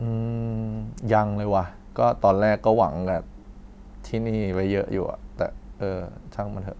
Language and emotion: Thai, frustrated